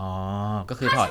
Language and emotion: Thai, neutral